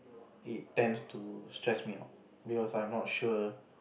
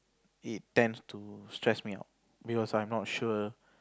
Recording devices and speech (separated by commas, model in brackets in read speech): boundary microphone, close-talking microphone, conversation in the same room